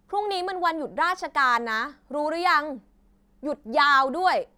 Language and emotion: Thai, angry